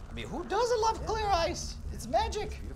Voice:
unnecessarily high pitched